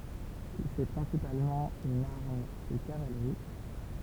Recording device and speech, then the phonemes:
temple vibration pickup, read sentence
sɛ pʁɛ̃sipalmɑ̃ yn aʁm də kavalʁi

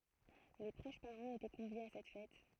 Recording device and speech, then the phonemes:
throat microphone, read sentence
le pʁoʃ paʁɑ̃z etɛ kɔ̃vjez a sɛt fɛt

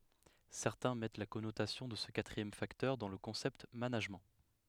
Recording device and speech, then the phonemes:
headset microphone, read sentence
sɛʁtɛ̃ mɛt la kɔnotasjɔ̃ də sə katʁiɛm faktœʁ dɑ̃ lə kɔ̃sɛpt manaʒmɑ̃

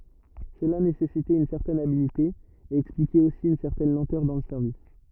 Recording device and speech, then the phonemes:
rigid in-ear microphone, read sentence
səla nesɛsitɛt yn sɛʁtɛn abilte e ɛksplikɛt osi yn sɛʁtɛn lɑ̃tœʁ dɑ̃ lə sɛʁvis

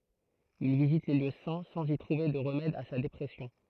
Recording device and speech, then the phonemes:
throat microphone, read sentence
il vizit le ljø sɛ̃ sɑ̃z i tʁuve də ʁəmɛd a sa depʁɛsjɔ̃

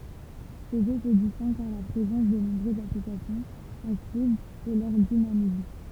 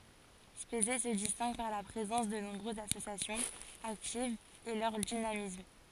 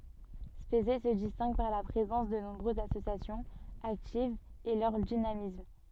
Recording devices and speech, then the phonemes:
temple vibration pickup, forehead accelerometer, soft in-ear microphone, read sentence
spezɛ sə distɛ̃ɡ paʁ la pʁezɑ̃s də nɔ̃bʁøzz asosjasjɔ̃z aktivz e lœʁ dinamism

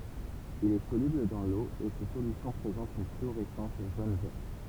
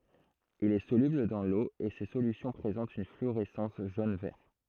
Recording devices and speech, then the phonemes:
temple vibration pickup, throat microphone, read sentence
il ɛ solybl dɑ̃ lo e se solysjɔ̃ pʁezɑ̃tt yn flyoʁɛsɑ̃s ʒon vɛʁ

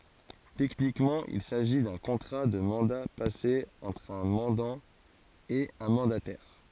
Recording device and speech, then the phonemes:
forehead accelerometer, read sentence
tɛknikmɑ̃ il saʒi dœ̃ kɔ̃tʁa də mɑ̃da pase ɑ̃tʁ œ̃ mɑ̃dɑ̃ e œ̃ mɑ̃datɛʁ

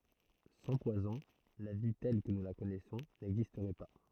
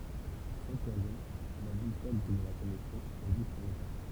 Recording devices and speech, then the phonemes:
throat microphone, temple vibration pickup, read sentence
sɑ̃ pwazɔ̃ la vi tɛl kə nu la kɔnɛsɔ̃ nɛɡzistʁɛ pa

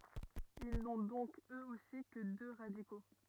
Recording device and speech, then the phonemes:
rigid in-ear microphone, read sentence
il nɔ̃ dɔ̃k øz osi kə dø ʁadiko

